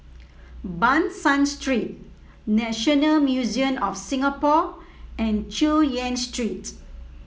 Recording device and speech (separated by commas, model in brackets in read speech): mobile phone (iPhone 7), read sentence